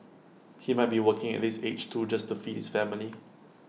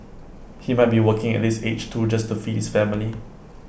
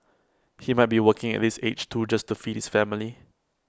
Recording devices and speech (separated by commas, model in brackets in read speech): mobile phone (iPhone 6), boundary microphone (BM630), close-talking microphone (WH20), read sentence